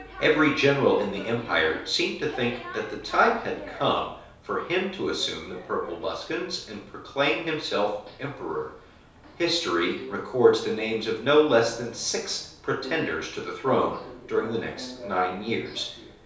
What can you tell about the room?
A small space.